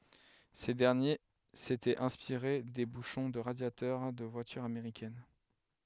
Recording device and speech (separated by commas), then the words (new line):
headset microphone, read sentence
Ces derniers s'étaient inspirés des bouchons de radiateur des voitures américaines.